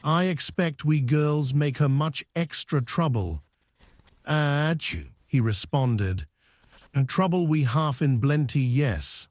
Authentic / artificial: artificial